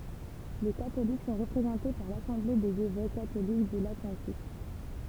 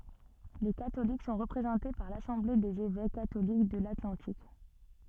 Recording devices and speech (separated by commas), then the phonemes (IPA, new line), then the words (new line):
temple vibration pickup, soft in-ear microphone, read sentence
le katolik sɔ̃ ʁəpʁezɑ̃te paʁ lasɑ̃ble dez evɛk katolik də latlɑ̃tik
Les catholiques sont représentés par l'Assemblée des évêques catholiques de l'Atlantique.